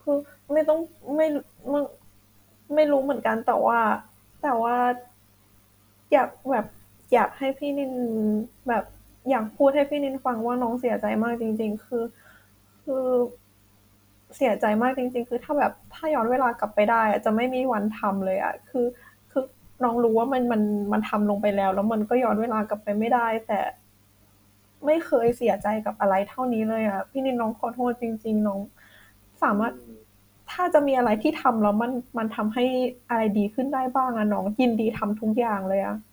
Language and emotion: Thai, sad